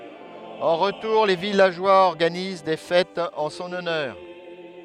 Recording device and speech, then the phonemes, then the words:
headset microphone, read sentence
ɑ̃ ʁətuʁ le vilaʒwaz ɔʁɡaniz de fɛtz ɑ̃ sɔ̃n ɔnœʁ
En retour, les villageois organisent des fêtes en son honneur.

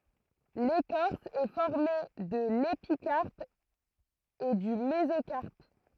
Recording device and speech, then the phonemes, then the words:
throat microphone, read sentence
lekɔʁs ɛ fɔʁme də lepikaʁp e dy mezokaʁp
L'écorce est formée de l'épicarpe et du mésocarpe.

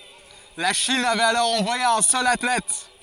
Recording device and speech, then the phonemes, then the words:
forehead accelerometer, read sentence
la ʃin avɛt alɔʁ ɑ̃vwaje œ̃ sœl atlɛt
La Chine avait alors envoyé un seul athlète.

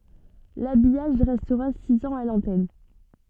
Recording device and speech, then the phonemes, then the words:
soft in-ear microphone, read sentence
labijaʒ ʁɛstʁa siz ɑ̃z a lɑ̃tɛn
L'habillage restera six ans à l'antenne.

